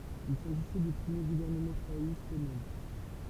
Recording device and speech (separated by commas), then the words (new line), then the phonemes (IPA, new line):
temple vibration pickup, read sentence
Il s'agissait du premier gouvernement travailliste au monde.
il saʒisɛ dy pʁəmje ɡuvɛʁnəmɑ̃ tʁavajist o mɔ̃d